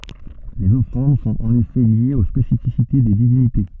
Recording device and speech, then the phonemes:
soft in-ear microphone, read sentence
lez ɔfʁɑ̃d sɔ̃t ɑ̃n efɛ ljez o spesifisite de divinite

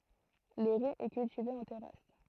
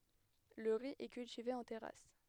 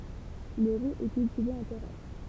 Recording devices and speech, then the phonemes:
throat microphone, headset microphone, temple vibration pickup, read sentence
lə ʁi ɛ kyltive ɑ̃ tɛʁas

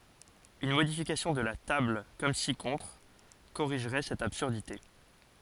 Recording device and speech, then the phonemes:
forehead accelerometer, read sentence
yn modifikasjɔ̃ də la tabl kɔm si kɔ̃tʁ koʁiʒʁɛ sɛt absyʁdite

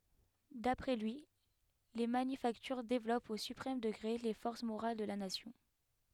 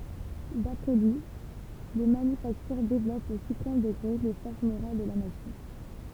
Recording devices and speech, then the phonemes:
headset microphone, temple vibration pickup, read sentence
dapʁɛ lyi le manyfaktyʁ devlɔpt o sypʁɛm dəɡʁe le fɔʁs moʁal də la nasjɔ̃

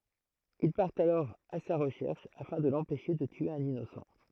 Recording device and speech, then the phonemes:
throat microphone, read sentence
il paʁtt alɔʁ a sa ʁəʃɛʁʃ afɛ̃ də lɑ̃pɛʃe də tye œ̃n inosɑ̃

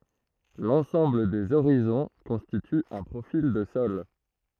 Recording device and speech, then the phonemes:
throat microphone, read sentence
lɑ̃sɑ̃bl dez oʁizɔ̃ kɔ̃stity œ̃ pʁofil də sɔl

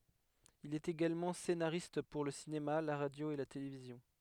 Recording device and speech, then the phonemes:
headset microphone, read sentence
il ɛt eɡalmɑ̃ senaʁist puʁ lə sinema la ʁadjo e la televizjɔ̃

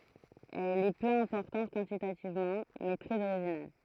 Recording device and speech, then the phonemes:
throat microphone, read sentence
ɛl ɛ pø ɛ̃pɔʁtɑ̃t kwɑ̃titativmɑ̃ mɛ tʁɛz oʁiʒinal

